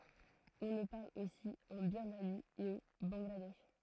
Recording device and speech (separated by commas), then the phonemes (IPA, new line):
throat microphone, read sentence
ɔ̃ lə paʁl osi ɑ̃ biʁmani e o bɑ̃ɡladɛʃ